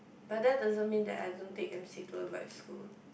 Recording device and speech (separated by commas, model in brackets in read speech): boundary microphone, conversation in the same room